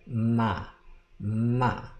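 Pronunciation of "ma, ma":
Both syllables start with a labiodental nasal, not an ordinary m, though it sounds a lot like an m.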